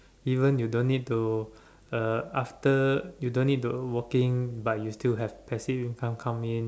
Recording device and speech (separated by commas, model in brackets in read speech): standing microphone, conversation in separate rooms